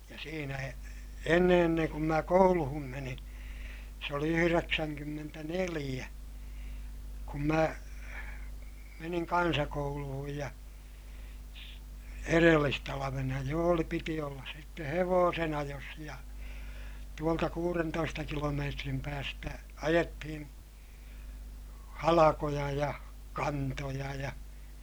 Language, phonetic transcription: Finnish, ja siinä e- , enne enneŋ kum mä kouluhum menin̬ , se oli yhyreksäŋkymmentäneliʲä , kum mä , meniŋ kansakouluhuj ja , erellistalavena jo oli - piti ollas sitte hevoosen ‿ajos ja , tuolta kuurentoista kilomeetrim päästä ajettihin , halakoja ja , kantoja ja , .
- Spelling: ja siinä - ennen ennen kuin minä kouluun menin se oli yhdeksänkymmentäneljä kun minä menin kansakouluun ja edellistalvena jo oli piti olla sitten hevosen ajossa ja tuolta kuudentoista kilometrin päästä ajettiin halkoja ja kantoja ja

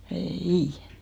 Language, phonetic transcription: Finnish, "ee"ì !
- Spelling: ei

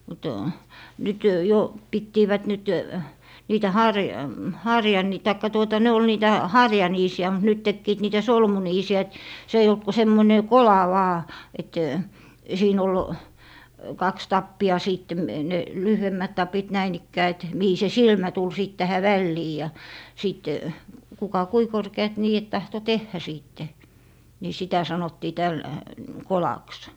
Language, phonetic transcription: Finnish, mut , 'nyt , jo , 'pittiivät 'nyt , 'niitä "haŕ- , "harjani - taikka 'tuota 'ne ol 'niitä , "harjaniisi₍ä mut nyt 'tekkiit 'niitä "solmuniisi₍ä et , 'se eij ‿olt ku 'semmoⁱne "kola 'vaa , et , 'siin ‿ol , 'kaks "tappi₍a 'siitte , ne , "lyhyemmät 'tapit 'näin ‿ikkää et , 'mihi se "silmä tul 'sìt tähä vällii ja , 'sìt , 'kuka "kui 'korke₍at 'nii₍et 'tahto "tehhä 'siitte , ni 'sitä 'sanottii täl- , "kolaks .
- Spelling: mutta nyt jo pitivät nyt niitä - - tai tuota ne oli niitä harjaniisiä mutta nyt tekivät niitä solmuniisiä että se ei ollut kuin semmoinen kola vain että siinä oli kaksi tappia sitten ne lyhyemmät tapit näin ikään että mihin se silmä tuli sitten tähän väliin ja sitten kuka kuinka korkeat niidet tahtoi tehdä sitten niin sitä sanottiin - kolaksi

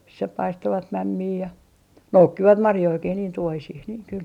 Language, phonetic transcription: Finnish, missä 'paistovat "mämmii ja , "noukkivat 'marjoikih niin 'tuohisih niiŋ kyl .
- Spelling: missä paistoivat mämmiä ja noukkivat marjojakin niin tuohisiin niin kyllä

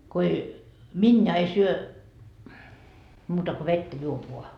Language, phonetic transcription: Finnish, ko 'ei , 'minja ei 'syö , muuta ko 'vettä 'juop voa .
- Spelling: kun ei miniä ei syö muuta kuin vettä juo vain

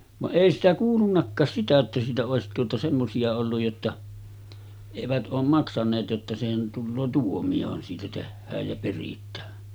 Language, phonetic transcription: Finnish, vaˀ 'ˀèi sitä 'kuulunnakkaas 'sitä että siitä òesit tuota 'semmosi₍a olluj jotta , 'evät ’oom maksaneet jotta sehän , tulloo 'tuomi₍ohan siitä 'tehhääj jä perit̀ää .
- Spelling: vaan ei sitä kuulunutkaan sitä että siitä olisi tuota semmoisia ollut jotta eivät ole maksaneet jotta sehän tulee tuomiohan siitä tehdään ja peritään

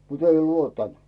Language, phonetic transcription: Finnish, mut ‿"ei 'luottant .
- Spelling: mutta ei luottanut

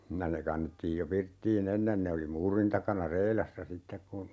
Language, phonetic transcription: Finnish, ja ne 'kannettiij jo 'pirttii"n ‿ennen ne oli 'muurin takana "reilassa 'sittek kun , .
- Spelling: ja ne kannettiin jo pirttiin ennen ne oli muurin takana reilassa sitten kun

